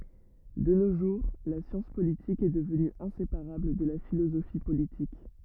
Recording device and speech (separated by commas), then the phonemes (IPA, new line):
rigid in-ear microphone, read sentence
də no ʒuʁ la sjɑ̃s politik ɛ dəvny ɛ̃sepaʁabl də la filozofi politik